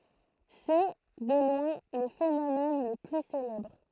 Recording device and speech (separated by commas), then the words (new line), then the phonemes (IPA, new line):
throat microphone, read sentence
C'est, de loin, le phénomène le plus célèbre.
sɛ də lwɛ̃ lə fenomɛn lə ply selɛbʁ